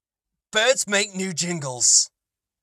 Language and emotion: English, disgusted